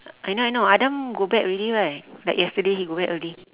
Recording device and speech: telephone, conversation in separate rooms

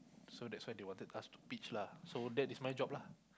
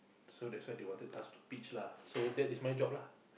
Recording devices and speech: close-talking microphone, boundary microphone, conversation in the same room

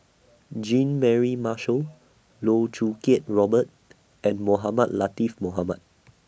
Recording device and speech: boundary microphone (BM630), read sentence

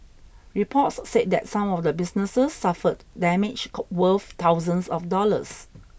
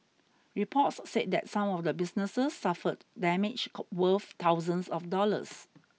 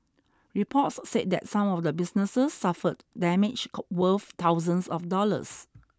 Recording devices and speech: boundary microphone (BM630), mobile phone (iPhone 6), standing microphone (AKG C214), read sentence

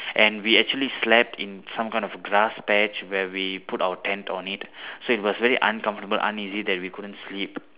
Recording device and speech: telephone, conversation in separate rooms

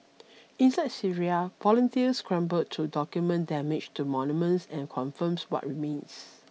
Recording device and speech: mobile phone (iPhone 6), read sentence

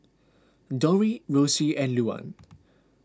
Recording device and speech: close-talking microphone (WH20), read sentence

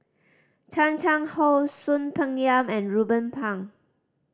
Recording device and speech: standing microphone (AKG C214), read sentence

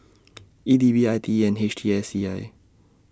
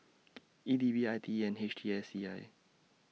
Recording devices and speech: standing microphone (AKG C214), mobile phone (iPhone 6), read sentence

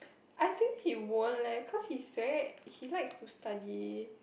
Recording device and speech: boundary microphone, conversation in the same room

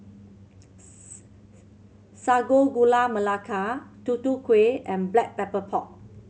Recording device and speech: mobile phone (Samsung C7100), read sentence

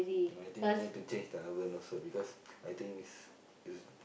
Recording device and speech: boundary microphone, conversation in the same room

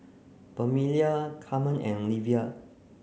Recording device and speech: mobile phone (Samsung C9), read sentence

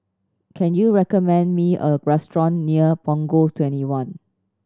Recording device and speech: standing microphone (AKG C214), read sentence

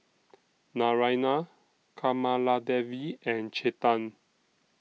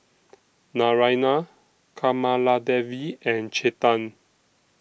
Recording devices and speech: mobile phone (iPhone 6), boundary microphone (BM630), read sentence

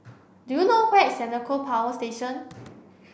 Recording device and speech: boundary microphone (BM630), read sentence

